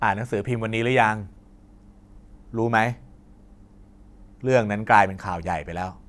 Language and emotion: Thai, neutral